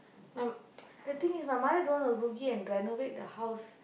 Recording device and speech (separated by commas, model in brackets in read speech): boundary microphone, conversation in the same room